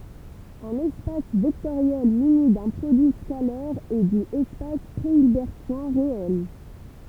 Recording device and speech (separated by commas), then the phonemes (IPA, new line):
temple vibration pickup, read sentence
œ̃n ɛspas vɛktoʁjɛl myni dœ̃ pʁodyi skalɛʁ ɛ di ɛspas pʁeilbɛʁtjɛ̃ ʁeɛl